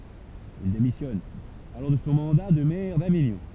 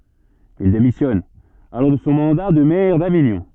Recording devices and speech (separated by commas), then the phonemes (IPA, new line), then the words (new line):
temple vibration pickup, soft in-ear microphone, read sentence
il demisjɔn alɔʁ də sɔ̃ mɑ̃da də mɛʁ daviɲɔ̃
Il démissionne alors de son mandat de maire d'Avignon.